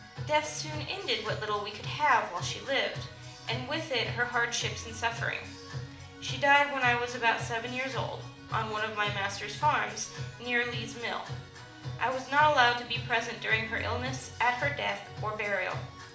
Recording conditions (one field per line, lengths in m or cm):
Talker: one person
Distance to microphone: 2.0 m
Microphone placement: close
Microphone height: 99 cm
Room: medium-sized (5.7 m by 4.0 m)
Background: music